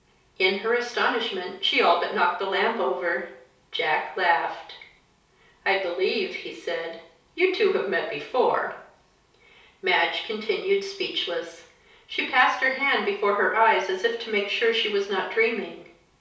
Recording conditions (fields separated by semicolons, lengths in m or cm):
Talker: one person; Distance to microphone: 3.0 m; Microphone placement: far; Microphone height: 1.8 m; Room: small (3.7 m by 2.7 m); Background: none